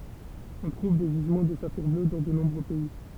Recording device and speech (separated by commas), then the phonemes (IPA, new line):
temple vibration pickup, read sentence
ɔ̃ tʁuv de ʒizmɑ̃ də safiʁ blø dɑ̃ də nɔ̃bʁø pɛi